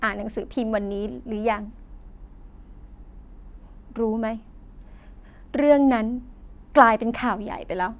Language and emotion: Thai, sad